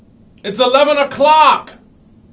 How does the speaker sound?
angry